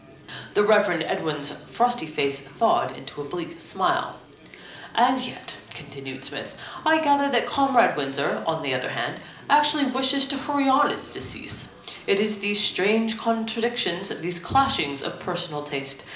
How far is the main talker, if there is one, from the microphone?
2.0 m.